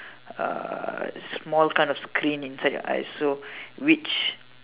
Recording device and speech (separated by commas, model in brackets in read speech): telephone, conversation in separate rooms